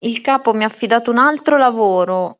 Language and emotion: Italian, angry